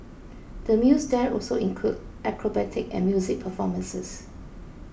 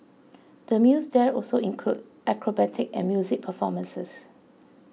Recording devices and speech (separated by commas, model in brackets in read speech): boundary microphone (BM630), mobile phone (iPhone 6), read sentence